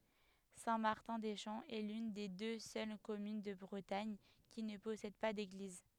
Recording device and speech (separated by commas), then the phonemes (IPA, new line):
headset microphone, read sentence
sɛ̃ maʁtɛ̃ de ʃɑ̃ ɛ lyn de dø sœl kɔmyn də bʁətaɲ ki nə pɔsɛd pa deɡliz